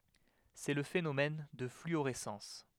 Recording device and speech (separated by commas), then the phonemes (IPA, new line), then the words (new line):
headset microphone, read sentence
sɛ lə fenomɛn də flyoʁɛsɑ̃s
C'est le phénomène de fluorescence.